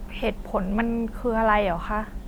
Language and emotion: Thai, sad